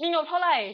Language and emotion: Thai, sad